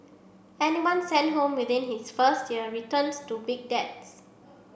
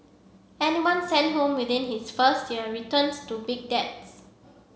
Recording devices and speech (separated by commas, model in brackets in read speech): boundary microphone (BM630), mobile phone (Samsung C7), read sentence